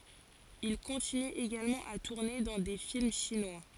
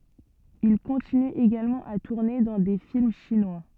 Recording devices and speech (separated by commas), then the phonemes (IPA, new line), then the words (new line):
forehead accelerometer, soft in-ear microphone, read sentence
il kɔ̃tiny eɡalmɑ̃ a tuʁne dɑ̃ de film ʃinwa
Il continue également à tourner dans des films chinois.